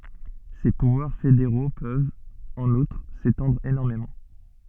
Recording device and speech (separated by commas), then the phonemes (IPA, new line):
soft in-ear microphone, read sentence
se puvwaʁ fedeʁo pøvt ɑ̃n utʁ setɑ̃dʁ enɔʁmemɑ̃